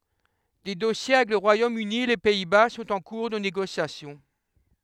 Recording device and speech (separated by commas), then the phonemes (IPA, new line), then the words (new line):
headset microphone, read sentence
de dɔsje avɛk lə ʁwajom yni e le pɛi ba sɔ̃t ɑ̃ kuʁ də neɡosjasjɔ̃
Des dossiers avec le Royaume-Uni et les Pays-Bas sont en cours de négociation.